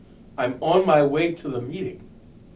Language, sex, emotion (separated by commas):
English, male, disgusted